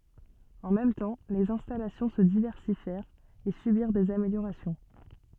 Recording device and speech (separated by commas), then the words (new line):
soft in-ear microphone, read sentence
En même temps, les installations se diversifièrent et subirent des améliorations.